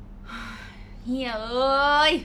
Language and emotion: Thai, frustrated